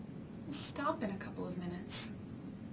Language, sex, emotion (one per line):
English
female
neutral